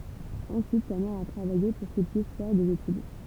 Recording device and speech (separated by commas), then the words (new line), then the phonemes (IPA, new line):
temple vibration pickup, read sentence
Ensuite, sa mère a travaillé pour qu'il puisse faire des études.
ɑ̃syit sa mɛʁ a tʁavaje puʁ kil pyis fɛʁ dez etyd